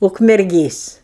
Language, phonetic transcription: Lithuanian, ukmerˈgės

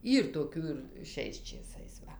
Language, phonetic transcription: Lithuanian, ˈyr toˈkių ir ˈšiais čėˈsais ˈva

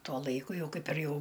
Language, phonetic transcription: Lithuanian, ˈtuo ˈlaiku ˈjau ˈkaip ir ˈjau

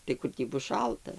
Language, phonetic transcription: Lithuanian, tai ˈkur tį ˈbus ˈšalta

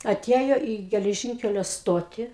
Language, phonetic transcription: Lithuanian, aˈtiejo į geleˈžinkelio ˈstotį

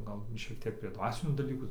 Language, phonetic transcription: Lithuanian, ˈgal ˈšiek ˈtiek prie ˈdvasinių daˈlykų

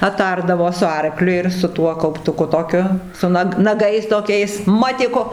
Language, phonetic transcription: Lithuanian, aˈtardavo su ˈarkliu ir su ˈtuo kauptuˈku toˈkiu su ˈnag naˈgais toˈkiais ˈmatiku

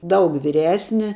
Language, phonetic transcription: Lithuanian, ˈdaug vyˈresni

